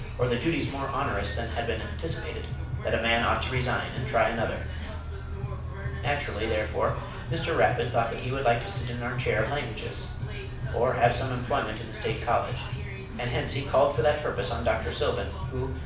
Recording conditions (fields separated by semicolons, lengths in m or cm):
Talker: one person; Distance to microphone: 5.8 m; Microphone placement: far; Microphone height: 1.8 m; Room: medium-sized (5.7 m by 4.0 m); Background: music